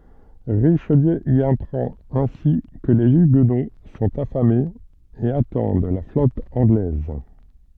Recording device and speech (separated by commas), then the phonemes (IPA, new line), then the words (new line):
soft in-ear microphone, read sentence
ʁiʃliø i apʁɑ̃t ɛ̃si kə le yɡno sɔ̃t afamez e atɑ̃d la flɔt ɑ̃ɡlɛz
Richelieu y apprend ainsi que les huguenots sont affamés et attendent la flotte anglaise.